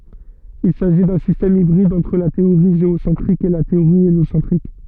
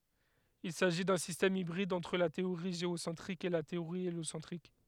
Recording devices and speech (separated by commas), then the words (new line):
soft in-ear microphone, headset microphone, read sentence
Il s'agit d'un système hybride entre la théorie géocentrique et la théorie héliocentrique.